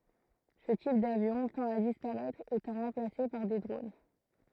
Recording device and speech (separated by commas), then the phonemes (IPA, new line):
throat microphone, read sentence
sə tip davjɔ̃ tɑ̃t a dispaʁɛtʁ etɑ̃ ʁɑ̃plase paʁ de dʁon